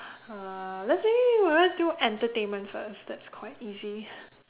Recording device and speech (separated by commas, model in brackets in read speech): telephone, conversation in separate rooms